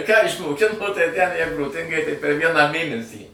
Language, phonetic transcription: Lithuanian, ką išmoˈkino tai tæn ˈjeigu ˈtaigi tai per ˈvieną ˈmėnesį

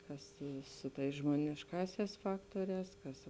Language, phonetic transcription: Lithuanian, ˈkas ˈsu ˌtais žmonišˈkāsiās ˈfaktuorēs ˈkas

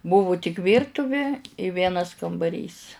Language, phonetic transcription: Lithuanian, ˈbuvu tik ˈvyrtuvi i ˈvienas kambaˈrys

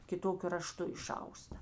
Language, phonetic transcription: Lithuanian, kiˈtokiu raˈštu iˈšausta

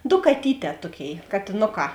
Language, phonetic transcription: Lithuanian, do kaˈtyˌtē ˈtuoˌkėi katėˈnoˌkā

